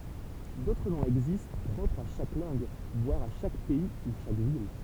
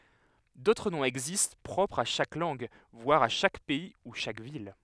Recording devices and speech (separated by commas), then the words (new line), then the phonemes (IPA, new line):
temple vibration pickup, headset microphone, read sentence
D'autres noms existent, propres à chaque langue, voire à chaque pays ou chaque ville.
dotʁ nɔ̃z ɛɡzist pʁɔpʁz a ʃak lɑ̃ɡ vwaʁ a ʃak pɛi u ʃak vil